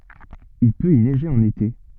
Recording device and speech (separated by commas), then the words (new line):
soft in-ear microphone, read sentence
Il peut y neiger en été.